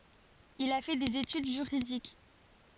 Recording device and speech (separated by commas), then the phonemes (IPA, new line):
forehead accelerometer, read sentence
il a fɛ dez etyd ʒyʁidik